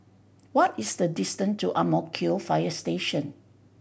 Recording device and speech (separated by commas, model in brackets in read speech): boundary microphone (BM630), read sentence